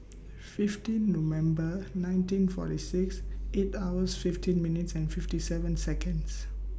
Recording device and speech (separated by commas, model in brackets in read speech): boundary microphone (BM630), read sentence